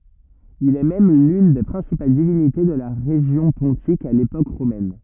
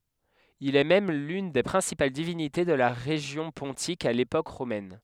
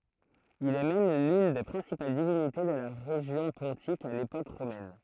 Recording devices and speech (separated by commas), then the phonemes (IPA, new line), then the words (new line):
rigid in-ear microphone, headset microphone, throat microphone, read sentence
il ɛ mɛm lyn de pʁɛ̃sipal divinite də la ʁeʒjɔ̃ pɔ̃tik a lepok ʁomɛn
Il est même l'une des principales divinités de la région pontique à l'époque romaine.